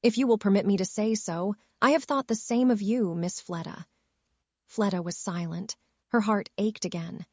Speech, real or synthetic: synthetic